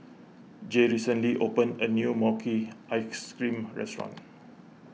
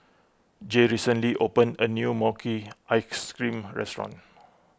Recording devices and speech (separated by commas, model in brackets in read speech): mobile phone (iPhone 6), close-talking microphone (WH20), read sentence